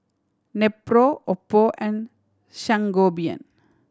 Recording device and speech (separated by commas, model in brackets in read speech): standing microphone (AKG C214), read sentence